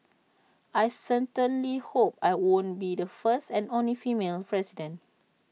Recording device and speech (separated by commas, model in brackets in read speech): mobile phone (iPhone 6), read sentence